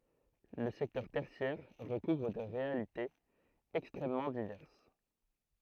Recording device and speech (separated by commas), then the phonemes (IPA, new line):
throat microphone, read sentence
lə sɛktœʁ tɛʁsjɛʁ ʁəkuvʁ de ʁealitez ɛkstʁɛmmɑ̃ divɛʁs